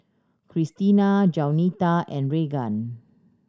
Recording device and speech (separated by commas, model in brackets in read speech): standing microphone (AKG C214), read sentence